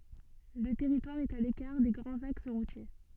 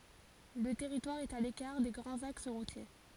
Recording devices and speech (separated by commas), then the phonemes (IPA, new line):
soft in-ear microphone, forehead accelerometer, read sentence
lə tɛʁitwaʁ ɛt a lekaʁ de ɡʁɑ̃z aks ʁutje